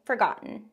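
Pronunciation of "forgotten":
In 'forgotten', the t is not released as a t sound. It is a glottal stop that sounds like holding your breath.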